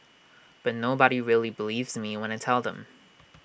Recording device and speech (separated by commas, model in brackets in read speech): boundary microphone (BM630), read sentence